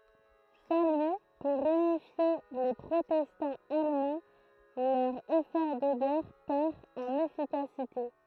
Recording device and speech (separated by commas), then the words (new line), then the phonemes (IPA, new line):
throat microphone, read sentence
Sans lui pour unifier les protestants allemands, leur effort de guerre perd en efficacité.
sɑ̃ lyi puʁ ynifje le pʁotɛstɑ̃z almɑ̃ lœʁ efɔʁ də ɡɛʁ pɛʁ ɑ̃n efikasite